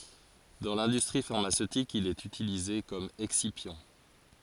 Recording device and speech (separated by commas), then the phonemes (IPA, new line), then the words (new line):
forehead accelerometer, read sentence
dɑ̃ lɛ̃dystʁi faʁmasøtik il ɛt ytilize kɔm ɛksipjɑ̃
Dans l'industrie pharmaceutique, il est utilisé comme excipient.